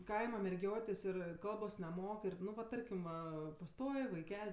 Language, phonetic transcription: Lithuanian, ˈkaima merˈgiotės ˈir ˈkalbos neˈmok ˈir ˈnu va ˈtarkim ˈva paˈstoj vaiˈkel'

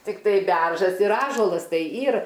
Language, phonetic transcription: Lithuanian, tikˈtai ˈberžas ir ˈąžuolas ˈtai ˈyr

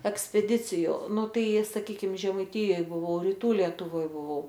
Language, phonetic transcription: Lithuanian, ekspeˈdiciju ˈnu ˈtai saˈkykim žemaiˈtijoj buˈvau riˈtų lietuˈvoj buˈvau

